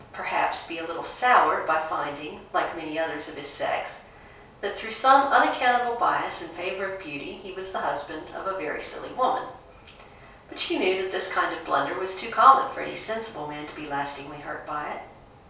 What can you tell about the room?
A small room (about 3.7 m by 2.7 m).